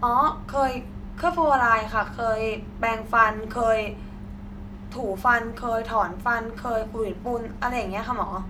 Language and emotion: Thai, neutral